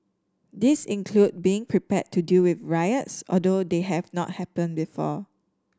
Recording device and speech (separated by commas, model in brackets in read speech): standing microphone (AKG C214), read sentence